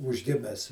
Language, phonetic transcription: Lithuanian, ūžˈgimes

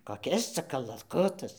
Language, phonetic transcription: Lithuanian, koˈkis ˈca kalaˈkutas

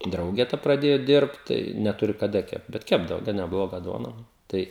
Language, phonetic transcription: Lithuanian, ˈdrauge ta praˈdėju ˈdirbt tai neˈturi kaˈda ˈkept bet ˈkepdavo gan neˈbloga ˈduona ˈtai

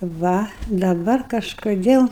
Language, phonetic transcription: Lithuanian, ˈva daˈbar kažkoˈdėl

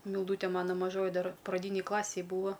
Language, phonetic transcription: Lithuanian, milˈdūte ˈmano maˈžoji ˈdar praˈdynėj ˈklasėj ˈbūva

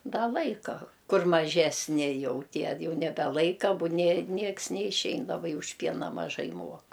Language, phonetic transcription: Lithuanian, ˈda ˈlaika ˈkur maˈžesni ˈjau ˈtie ˈjau nebeˈlaika ˈbu nė ˈnieks neišˈein labai už ˈpiena maˈžai ˈmuok

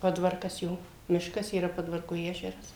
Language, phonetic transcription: Lithuanian, ˈpodvarkas ˈjo ˈmiškas yˈra ˈpodvarku ˈežeras

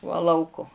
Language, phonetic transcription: Lithuanian, va ˈlauko

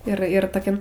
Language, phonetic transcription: Lithuanian, ir ir toˈkiam

